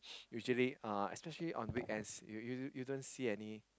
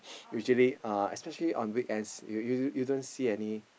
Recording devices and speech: close-talking microphone, boundary microphone, conversation in the same room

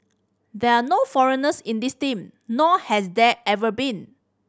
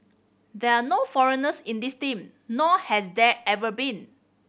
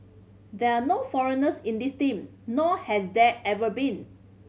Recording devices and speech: standing microphone (AKG C214), boundary microphone (BM630), mobile phone (Samsung C5010), read sentence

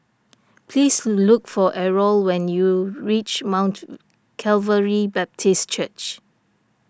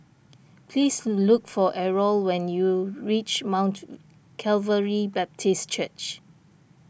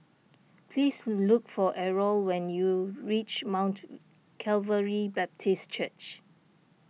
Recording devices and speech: standing microphone (AKG C214), boundary microphone (BM630), mobile phone (iPhone 6), read sentence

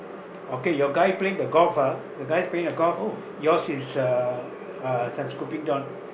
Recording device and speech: boundary microphone, conversation in the same room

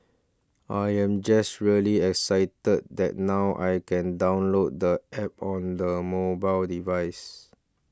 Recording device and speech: standing microphone (AKG C214), read sentence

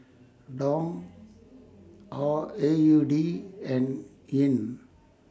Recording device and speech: standing microphone (AKG C214), read sentence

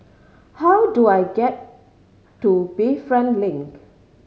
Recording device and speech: mobile phone (Samsung C5010), read sentence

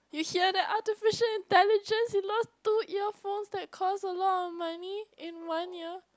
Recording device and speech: close-talking microphone, conversation in the same room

